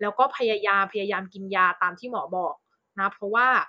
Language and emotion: Thai, neutral